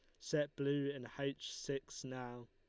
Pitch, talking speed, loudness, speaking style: 140 Hz, 160 wpm, -42 LUFS, Lombard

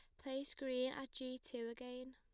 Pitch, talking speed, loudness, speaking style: 255 Hz, 185 wpm, -46 LUFS, plain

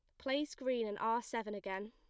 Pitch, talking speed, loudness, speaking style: 230 Hz, 210 wpm, -39 LUFS, plain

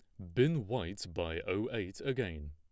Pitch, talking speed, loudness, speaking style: 115 Hz, 170 wpm, -36 LUFS, plain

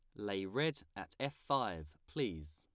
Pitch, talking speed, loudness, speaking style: 95 Hz, 155 wpm, -40 LUFS, plain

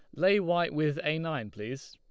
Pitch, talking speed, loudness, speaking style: 155 Hz, 210 wpm, -30 LUFS, Lombard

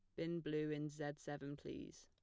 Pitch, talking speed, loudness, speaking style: 150 Hz, 195 wpm, -46 LUFS, plain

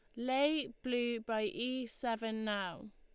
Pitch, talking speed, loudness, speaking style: 240 Hz, 130 wpm, -37 LUFS, Lombard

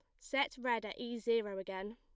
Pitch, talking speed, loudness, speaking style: 235 Hz, 205 wpm, -38 LUFS, plain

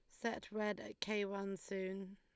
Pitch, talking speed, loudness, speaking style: 200 Hz, 185 wpm, -43 LUFS, Lombard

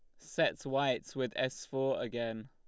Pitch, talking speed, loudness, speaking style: 130 Hz, 160 wpm, -35 LUFS, Lombard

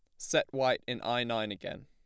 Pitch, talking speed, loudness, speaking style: 120 Hz, 220 wpm, -32 LUFS, plain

